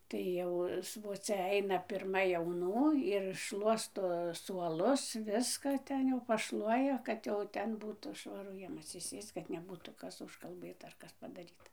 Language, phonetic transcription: Lithuanian, tai ˈjau svoˈcia ˈaina pirˈma jauˈnų ir ˈšluosto suoˈlus ˈviska ˈten jau paˈšluoja ˈkad jau ˈten ˈbūtų švaˈru ˈjiem atsiˈsėsc kad neˈbūtų ˈkas užkalˈbɘta ar ˈkas padaˈryta

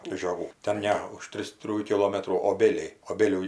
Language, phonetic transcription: Lithuanian, žioˈgų ten ˈne už ˈtris ˈtrijų kiˈlometrų oˈbėliai oˈbėlių

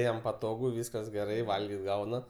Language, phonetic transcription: Lithuanian, ˈjam paˈtogu ˈvyskas geˈrai ˈvalgit ˈgauna

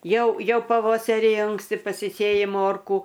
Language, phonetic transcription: Lithuanian, ˈjau ˈjau paˈvosari ˈanksti pasiˈsėji ˈmorkų

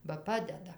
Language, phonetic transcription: Lithuanian, ba ˈpadeda

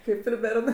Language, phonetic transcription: Lithuanian, ˈkaip ir ˈbernɜ

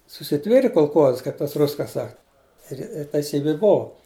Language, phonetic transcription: Lithuanian, susiˈtvėrė kolˈkoza ˈkaip tas ˈrus ka ˈsak ˈir ir teiˈsybi ˈbovu

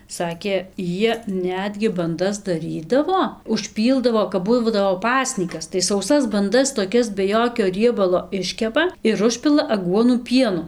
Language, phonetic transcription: Lithuanian, ˈsakė ˈjie ˈnetgi banˈdas daˈrydavo užˈpyldavo kap ˈbū ˈbūdavo ˈpasnykas tai sauˈsas banˈdas toˈkias be ˈjokio ˈriebalo ˈiškepa ir ˈužpila aˈguonų ˈpienu

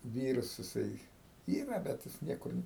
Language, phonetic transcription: Lithuanian, ˈvyras jiˈsai ˈyra bet ˈjis ˈniekur

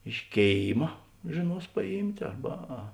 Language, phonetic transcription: Lithuanian, iš ˈkėima žėˈnuos paˈjymt' ˈarba a

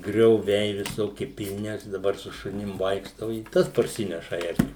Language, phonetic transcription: Lithuanian, grioˈviai viˈsoki pilˈni ˈaš daˈbar su šuˈnim ˈvaikštau i ˈtas parˈsineša ˈerkių

